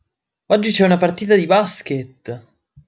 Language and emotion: Italian, surprised